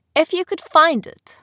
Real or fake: real